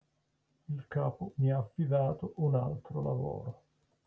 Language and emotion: Italian, sad